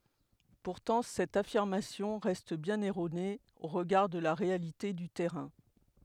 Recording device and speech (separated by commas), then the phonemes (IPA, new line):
headset microphone, read sentence
puʁtɑ̃ sɛt afiʁmasjɔ̃ ʁɛst bjɛ̃n ɛʁone o ʁəɡaʁ də la ʁealite dy tɛʁɛ̃